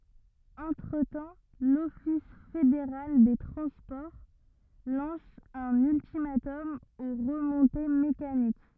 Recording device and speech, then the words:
rigid in-ear microphone, read sentence
Entre-temps, l'office fédéral des transports lance un ultimatum aux remontées mécaniques.

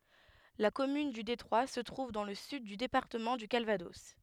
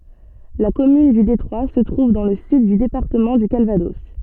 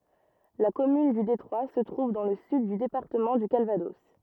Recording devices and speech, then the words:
headset microphone, soft in-ear microphone, rigid in-ear microphone, read sentence
La commune du Détroit se trouve dans le sud du département du Calvados.

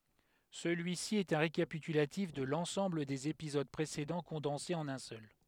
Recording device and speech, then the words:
headset microphone, read sentence
Celui-ci est un récapitulatif de l'ensemble des épisodes précédents condensé en un seul.

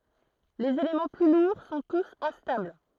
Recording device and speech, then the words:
throat microphone, read sentence
Les éléments plus lourds sont tous instables.

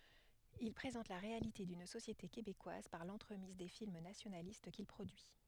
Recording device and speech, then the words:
headset microphone, read sentence
Il présente la réalité d’une société québécoise par l’entremise des films nationalistes qu’il produit.

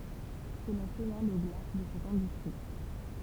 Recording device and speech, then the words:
temple vibration pickup, read sentence
Cela sonna le glas de cette industrie.

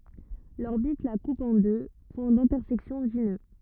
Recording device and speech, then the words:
rigid in-ear microphone, read sentence
L'orbite la coupe en deux points d'intersection dits nœuds.

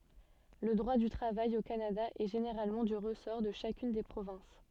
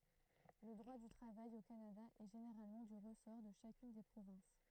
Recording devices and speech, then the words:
soft in-ear microphone, throat microphone, read sentence
Le droit du travail au Canada est généralement du ressort de chacune des provinces.

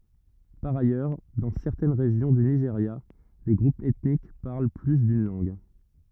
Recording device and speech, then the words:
rigid in-ear microphone, read sentence
Par ailleurs, dans certaines régions du Nigeria, les groupes ethniques parlent plus d'une langue.

